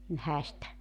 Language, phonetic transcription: Finnish, m̥ 'häistä .
- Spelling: mm häistä

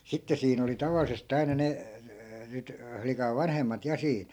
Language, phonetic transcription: Finnish, 'sitte siin ‿oli 'tavalises't ‿aina ne , nyt , 'flikav̆ "vanhemmat 'ja siin .
- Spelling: sitten siinä oli tavallisesti aina ne nyt flikan vanhemmat ja siinä

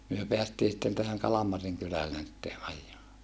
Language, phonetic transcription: Finnish, myö peästii sⁱtten tähäŋ Kalamariŋ kylällen sitte ʼaj̀aa .
- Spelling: me päästiin sitten tähän Kalmarin kylälle sitten ajamaan

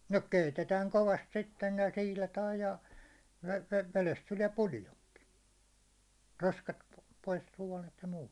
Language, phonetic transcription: Finnish, no "keitetääŋ 'kovast sitten , ja 'siilataaj ja , ve- 'velest 'tuliɛ 'puljoŋki , 'roskat p- , pois 'suånet ja muut .
- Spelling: no keitetään kovasti sitten ja siilataan ja - vedestä tulee puljonki roskat - pois suonet ja muut

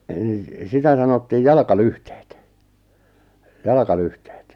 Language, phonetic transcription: Finnish, əˉ nⁱˉ , 'sitä sanottiij "jalʿaʾka'lyhteet , "jalʿaʾka'lyhteet .
- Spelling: - no sitä sanottiin jalkalyhteet jalkalyhteet

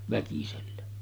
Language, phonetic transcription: Finnish, väkisellä .
- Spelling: väkisellä

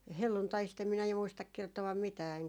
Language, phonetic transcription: Finnish, "helluntaist em minä ju muistak kerto₍am 'mitää eŋkä ,.
- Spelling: helluntaista en minä ju muista kertoa mitään enkä

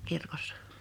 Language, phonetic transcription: Finnish, 'kirkossᴀ .
- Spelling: kirkossa

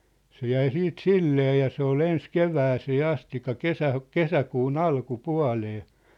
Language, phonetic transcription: Finnish, se 'jäi 'siit "sillee ja 'se ol 'ens "kevääsee "astik̆ka "kesä- , "kesäkuun "alku"pua̭lee .
- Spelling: se jäi sitten silleen ja se oli ensin kevääseen asti - kesäkuun alkupuoleen

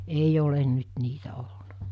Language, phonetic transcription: Finnish, 'eij ‿olen nyt 'niitä ol(luna) .
- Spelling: ei ole nyt niitä ollut

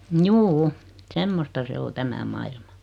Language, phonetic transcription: Finnish, 'mjuu₍'u , "semmosta se 'o "tämä mailma .
- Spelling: juu semmoista se on tämä maailma

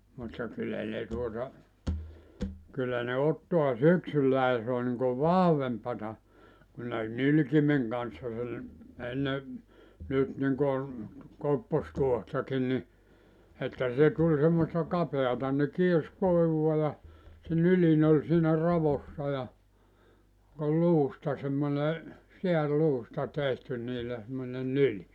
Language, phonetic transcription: Finnish, mutta 'kyllä ne tuota , kyllä ne 'ottoa "syksylläi (ja) se o niŋkuv "vahvempata , kun ne "nylkimeŋ kanssa sel , 'enne , nyt niŋkon , 'koppostuohtakin ni , että 'se tuĺ semmosta 'kapeata ne 'kiers 'kòivua ja , se 'nylin ‿oĺ siinä 'ravossa ja , ol 'luusta semmone , 'seär'luusta 'tehty niillä semmone "nyli .
- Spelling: mutta kyllä ne tuota kyllä ne ottaa syksyllä ja se on niin kuin vahvempaa kun ne nylkimen kanssa sen ennen nyt niin kuin koppostuohtakin niin että se tuli semmoista kapeata ne kiersi koivua ja se nyljin oli siinä raossa ja oli luusta semmoinen sääriluusta tehty niillä semmoinen nyljin

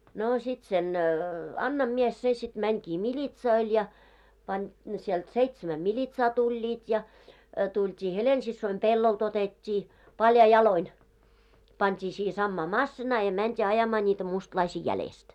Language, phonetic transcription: Finnish, noo 'sit sen , 'Annam mies se sit 'mäŋkii "miĺitsoil ja , pań , sielt 'seitsämä "miĺitsaa 'tuĺĺiit ja , tult́ii "Helen'sissoim "pellolt ‿otet́t́i , "paljai "jaloin , pant́i siihᵉ 'sammaa "massinaa ja mänt́ii 'ajamaa ńiitä 'mustlaisii 'jälest .
- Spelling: no sitten sen Annan mies se sitten menikin militsoille ja pani sieltä seitsemän militsaa tulivat ja tultiin Helena-siskoni pellolta otettiin paljain jaloin pantiin siihen samaan masiinaan ja mentiin ajamaan niitä mustalaisia jäljestä

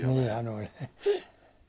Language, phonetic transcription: Finnish, 'niihän oĺ .
- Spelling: niinhän oli

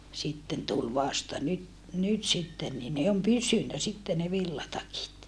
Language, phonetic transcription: Finnish, sitten tul vasta nyt , nyt sitten nii ne om pysynä sitte ne villatakit .
- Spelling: sitten tuli vasta nyt nyt sitten niin ne on pysynyt sitten ne villatakit

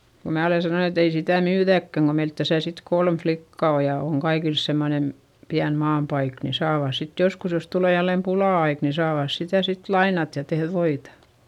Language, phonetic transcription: Finnish, ko mää ole sanon ‿et ‿ei sitä̀ myyδäkkäŋ ko meilt täsä sit kolm flikka o ja oŋ kaikils semmonen , piän maampaik ni saavàs sit joskus jos tulè jällem pulà₍aik ni saavàs sitä sit lainat ja tehδ voita .
- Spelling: kun minä olen sanonut että ei sitä myydäkään kun meillä tässä sitten kolme likkaa on ja on kaikilla semmoinen pieni maanpaikka niin saavat sitten joskus jos tulee jälleen pula-aika niin saavat sitä sitten lainata ja tehdä voita

